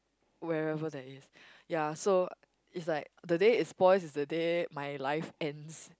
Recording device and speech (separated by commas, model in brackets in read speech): close-talking microphone, conversation in the same room